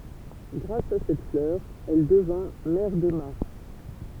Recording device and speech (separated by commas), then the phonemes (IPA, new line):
temple vibration pickup, read sentence
ɡʁas a sɛt flœʁ ɛl dəvɛ̃ mɛʁ də maʁs